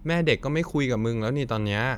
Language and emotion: Thai, frustrated